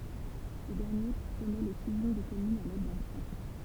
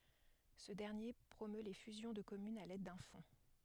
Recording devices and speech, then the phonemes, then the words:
temple vibration pickup, headset microphone, read sentence
sə dɛʁnje pʁomø le fyzjɔ̃ də kɔmynz a lɛd dœ̃ fɔ̃
Ce dernier promeut les fusions de communes à l'aide d'un fonds.

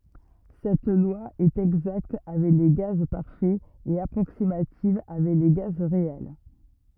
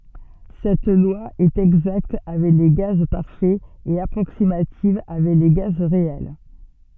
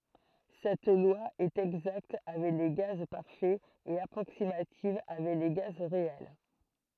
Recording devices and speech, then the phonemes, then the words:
rigid in-ear microphone, soft in-ear microphone, throat microphone, read sentence
sɛt lwa ɛt ɛɡzakt avɛk le ɡaz paʁfɛz e apʁoksimativ avɛk le ɡaz ʁeɛl
Cette loi est exacte avec les gaz parfaits et approximative avec les gaz réels.

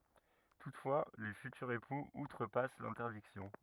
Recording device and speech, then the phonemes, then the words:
rigid in-ear microphone, read sentence
tutfwa le fytyʁz epuz utʁəpas lɛ̃tɛʁdiksjɔ̃
Toutefois, les futurs époux outrepassent l'interdiction.

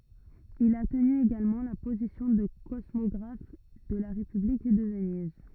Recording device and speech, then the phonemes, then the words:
rigid in-ear microphone, read sentence
il a təny eɡalmɑ̃ la pozisjɔ̃ də kɔsmɔɡʁaf də la ʁepyblik də vəniz
Il a tenu également la position de cosmographe de la République de Venise.

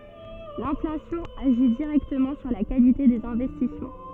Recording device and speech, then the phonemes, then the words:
soft in-ear microphone, read sentence
lɛ̃flasjɔ̃ aʒi diʁɛktəmɑ̃ syʁ la kalite dez ɛ̃vɛstismɑ̃
L'inflation agit directement sur la qualité des investissements.

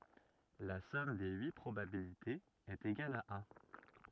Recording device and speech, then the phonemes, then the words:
rigid in-ear microphone, read sentence
la sɔm de yi pʁobabilitez ɛt eɡal a œ̃
La somme des huit probabilités est égale à un.

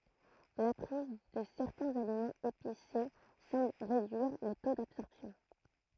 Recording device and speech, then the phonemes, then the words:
throat microphone, read sentence
la pʁiz də sɛʁtɛ̃z alimɑ̃z epise sɑ̃bl ʁedyiʁ lə to dabsɔʁpsjɔ̃
La prise de certains aliments épicés semble réduire le taux d'absorption.

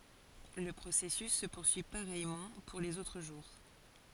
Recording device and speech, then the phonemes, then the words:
forehead accelerometer, read sentence
lə pʁosɛsys sə puʁsyi paʁɛjmɑ̃ puʁ lez otʁ ʒuʁ
Le processus se poursuit pareillement pour les autres jours.

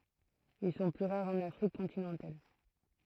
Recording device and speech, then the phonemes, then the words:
throat microphone, read sentence
il sɔ̃ ply ʁaʁz ɑ̃n afʁik kɔ̃tinɑ̃tal
Ils sont plus rares en Afrique continentale.

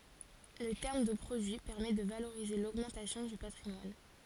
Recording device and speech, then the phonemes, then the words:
forehead accelerometer, read sentence
lə tɛʁm də pʁodyi pɛʁmɛ də valoʁize loɡmɑ̃tasjɔ̃ dy patʁimwan
Le terme de produit permet de valoriser l'augmentation du patrimoine.

